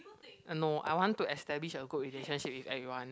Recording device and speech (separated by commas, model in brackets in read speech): close-talking microphone, conversation in the same room